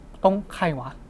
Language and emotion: Thai, neutral